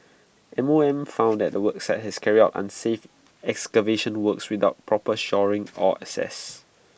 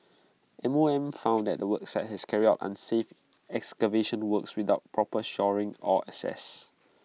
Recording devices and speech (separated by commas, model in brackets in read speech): boundary microphone (BM630), mobile phone (iPhone 6), read sentence